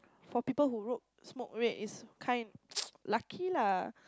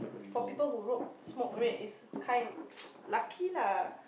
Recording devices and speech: close-talking microphone, boundary microphone, conversation in the same room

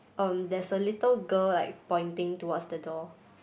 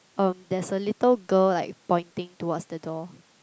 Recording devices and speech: boundary microphone, close-talking microphone, conversation in the same room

